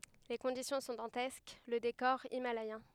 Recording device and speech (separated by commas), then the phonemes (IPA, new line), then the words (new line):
headset microphone, read sentence
le kɔ̃disjɔ̃ sɔ̃ dɑ̃tɛsk lə dekɔʁ imalɛjɛ̃
Les conditions sont dantesques, le décor himalayen.